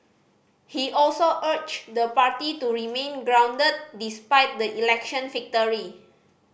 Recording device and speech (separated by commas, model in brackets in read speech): boundary microphone (BM630), read sentence